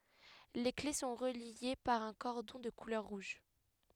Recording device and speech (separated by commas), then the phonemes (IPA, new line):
headset microphone, read sentence
le kle sɔ̃ ʁəlje paʁ œ̃ kɔʁdɔ̃ də kulœʁ ʁuʒ